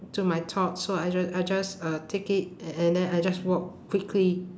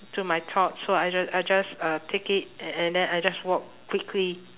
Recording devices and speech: standing microphone, telephone, conversation in separate rooms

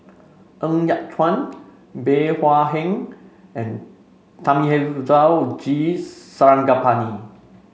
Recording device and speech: mobile phone (Samsung C5), read sentence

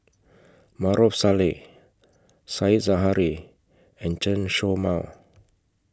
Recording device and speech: close-talking microphone (WH20), read sentence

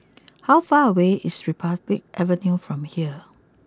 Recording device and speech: close-talking microphone (WH20), read sentence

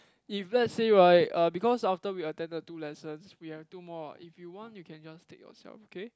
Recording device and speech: close-talking microphone, conversation in the same room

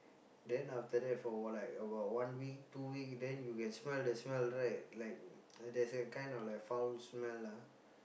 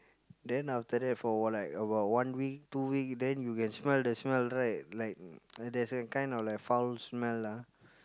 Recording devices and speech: boundary microphone, close-talking microphone, conversation in the same room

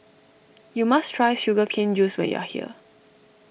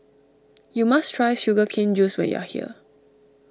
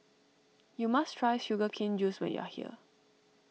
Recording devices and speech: boundary microphone (BM630), standing microphone (AKG C214), mobile phone (iPhone 6), read sentence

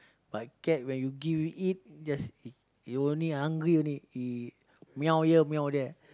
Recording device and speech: close-talking microphone, conversation in the same room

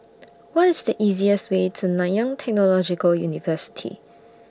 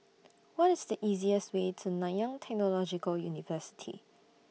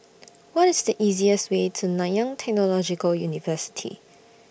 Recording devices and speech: standing microphone (AKG C214), mobile phone (iPhone 6), boundary microphone (BM630), read sentence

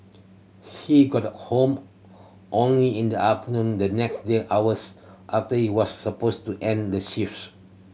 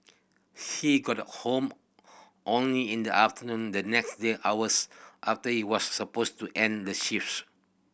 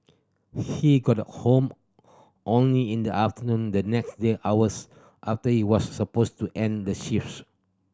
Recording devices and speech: mobile phone (Samsung C7100), boundary microphone (BM630), standing microphone (AKG C214), read sentence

